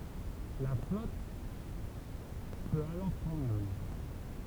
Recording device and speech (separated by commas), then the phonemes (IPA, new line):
temple vibration pickup, read sentence
la flɔt pøt alɔʁ pʁɑ̃dʁ la mɛʁ